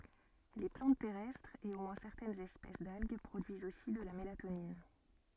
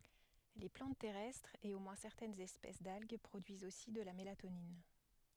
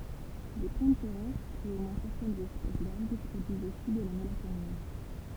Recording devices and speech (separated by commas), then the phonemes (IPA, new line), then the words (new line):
soft in-ear microphone, headset microphone, temple vibration pickup, read sentence
le plɑ̃t tɛʁɛstʁz e o mwɛ̃ sɛʁtɛnz ɛspɛs dalɡ pʁodyizt osi də la melatonin
Les plantes terrestres et au moins certaines espèces d'algues produisent aussi de la mélatonine.